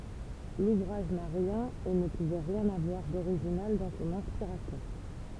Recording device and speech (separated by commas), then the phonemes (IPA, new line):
temple vibration pickup, read sentence
luvʁaʒ na ʁjɛ̃n e nə puvɛ ʁjɛ̃n avwaʁ doʁiʒinal dɑ̃ sɔ̃n ɛ̃spiʁasjɔ̃